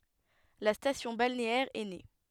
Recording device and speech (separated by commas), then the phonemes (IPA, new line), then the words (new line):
headset microphone, read sentence
la stasjɔ̃ balneɛʁ ɛ ne
La station balnéaire est née.